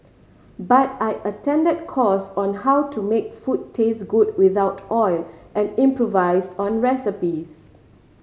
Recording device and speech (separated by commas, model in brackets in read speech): mobile phone (Samsung C5010), read sentence